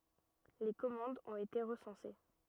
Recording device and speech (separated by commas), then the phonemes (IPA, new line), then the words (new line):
rigid in-ear microphone, read sentence
le kɔmɑ̃dz ɔ̃t ete ʁəsɑ̃se
Les commandes ont été recensées.